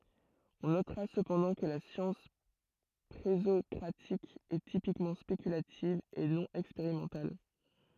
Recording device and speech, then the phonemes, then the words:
throat microphone, read sentence
ɔ̃ notʁa səpɑ̃dɑ̃ kə la sjɑ̃s pʁezɔkʁatik ɛ tipikmɑ̃ spekylativ e nɔ̃ ɛkspeʁimɑ̃tal
On notera cependant que la science présocratique est typiquement spéculative et non expérimentale.

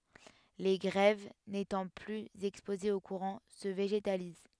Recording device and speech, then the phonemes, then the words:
headset microphone, read sentence
le ɡʁɛv netɑ̃ plyz ɛkspozez o kuʁɑ̃ sə veʒetaliz
Les grèves, n'étant plus exposées au courant, se végétalisent.

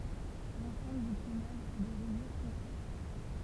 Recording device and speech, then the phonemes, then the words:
temple vibration pickup, read sentence
lɑ̃sɑ̃bl dy plymaʒ a de ʁɛjyʁ fɔ̃se
L’ensemble du plumage a des rayures foncées.

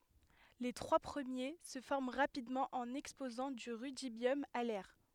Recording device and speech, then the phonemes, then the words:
headset microphone, read sentence
le tʁwa pʁəmje sə fɔʁm ʁapidmɑ̃ ɑ̃n ɛkspozɑ̃ dy ʁydibjɔm a lɛʁ
Les trois premiers se forment rapidement en exposant du rudibium à l'air.

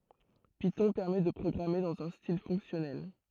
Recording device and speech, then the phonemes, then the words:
throat microphone, read sentence
pitɔ̃ pɛʁmɛ də pʁɔɡʁame dɑ̃z œ̃ stil fɔ̃ksjɔnɛl
Python permet de programmer dans un style fonctionnel.

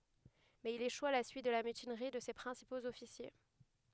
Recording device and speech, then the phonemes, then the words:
headset microphone, read sentence
mɛz il eʃu a la syit də la mytinʁi də se pʁɛ̃sipoz ɔfisje
Mais il échoue à la suite de la mutinerie de ses principaux officiers.

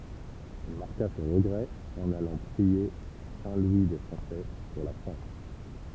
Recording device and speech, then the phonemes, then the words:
temple vibration pickup, read sentence
il maʁka sɔ̃ ʁəɡʁɛ ɑ̃n alɑ̃ pʁie a sɛ̃ lwi de fʁɑ̃sɛ puʁ la fʁɑ̃s
Il marqua son regret en allant prier à Saint-Louis-des-Français, pour la France.

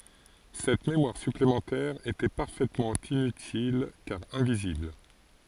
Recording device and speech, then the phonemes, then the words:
forehead accelerometer, read sentence
sɛt memwaʁ syplemɑ̃tɛʁ etɛ paʁfɛtmɑ̃ inytil kaʁ ɛ̃vizibl
Cette mémoire supplémentaire était parfaitement inutile car invisible.

